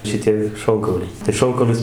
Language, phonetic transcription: Lithuanian, šiˈtie ˈšonkauliai tai ˈšonkaulius

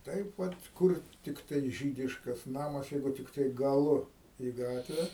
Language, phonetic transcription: Lithuanian, ˈtaip ˈvat ˈkur tikˈtai ˈžydiškas ˈnamas ˈjeigu tikˈtai gaˈlu į ˈgatve

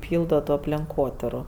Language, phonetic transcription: Lithuanian, ˈpyldo to aplenˈkotiru

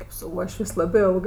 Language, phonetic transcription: Lithuanian, kėp su ˈuošvės' ˈlabɜ ˈilgɜ

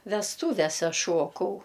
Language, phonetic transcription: Lithuanian, vesˈtūvese ˈšuokau

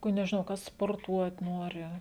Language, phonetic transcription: Lithuanian, ku nežiˈnau ˈkas sporˈtuot ˈnori

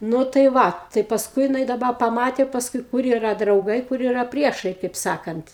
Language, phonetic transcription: Lithuanian, ˈnu tai ˈva tai paˈskui jiˈnai daˈba paˈmatė pasˈkui ˈkur yˈra drauˈgai ˈkur yˈra ˈpriešai kaip ˈsakant

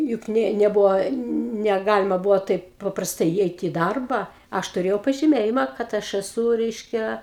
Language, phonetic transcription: Lithuanian, juk ˈnė neˈbuvo neˈgalima ˈbuvo ˈtaip paprasˈtai įˈeiti i ˈdarba ˈaš tuˈrėjau pažiˈmėjima kad ˈaš eˈsū ˈreiškia

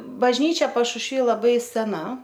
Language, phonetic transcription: Lithuanian, bažˈnyčia pašušˈvy laˈbai seˈna

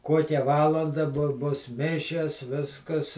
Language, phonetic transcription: Lithuanian, ˈkuokia ˈvalanda bu bus ˈmišias ˈviskas

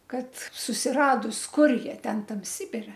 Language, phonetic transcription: Lithuanian, ˈkad susiˈradus ˈkur ˈjie ˈten ˈtam ˈsibire

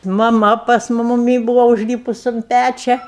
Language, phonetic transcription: Lithuanian, maˈma pas mu muˈmy ˈbūva užˈlypus un ˈpæčia

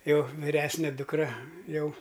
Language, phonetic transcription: Lithuanian, ˈjau viˈresne dukˈra ˈjau

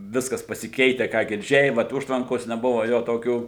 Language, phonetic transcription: Lithuanian, ˈviskas pasiˈkeite ˈką girˈdžiai ˈvat ˈužtvankos neˈbuva ˈjo toˈkių

